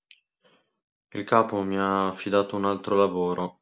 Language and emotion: Italian, sad